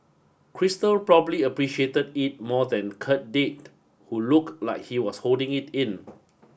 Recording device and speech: boundary microphone (BM630), read sentence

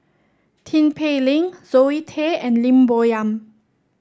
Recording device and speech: standing microphone (AKG C214), read sentence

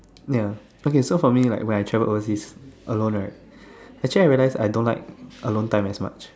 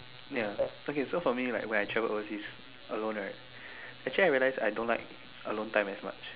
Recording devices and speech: standing microphone, telephone, conversation in separate rooms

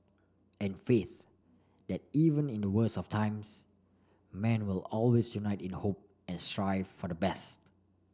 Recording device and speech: standing microphone (AKG C214), read sentence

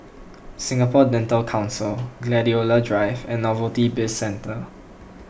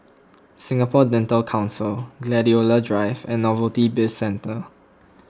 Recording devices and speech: boundary microphone (BM630), close-talking microphone (WH20), read sentence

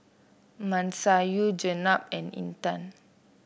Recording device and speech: boundary microphone (BM630), read sentence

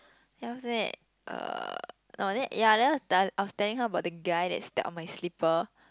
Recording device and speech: close-talking microphone, conversation in the same room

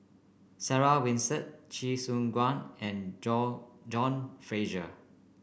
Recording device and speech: boundary microphone (BM630), read sentence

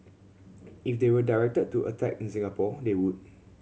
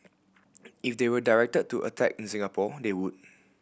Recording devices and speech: mobile phone (Samsung C7100), boundary microphone (BM630), read sentence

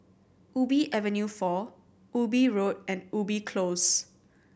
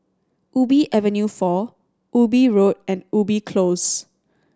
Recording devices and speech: boundary microphone (BM630), standing microphone (AKG C214), read sentence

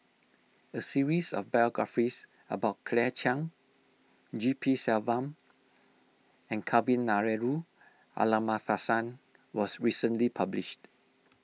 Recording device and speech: mobile phone (iPhone 6), read sentence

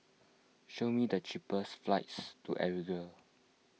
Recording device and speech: mobile phone (iPhone 6), read sentence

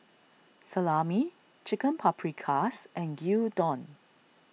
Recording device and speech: mobile phone (iPhone 6), read sentence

